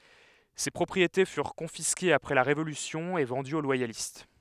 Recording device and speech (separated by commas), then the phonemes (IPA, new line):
headset microphone, read sentence
se pʁɔpʁiete fyʁ kɔ̃fiskez apʁɛ la ʁevolysjɔ̃ e vɑ̃dyz o lwajalist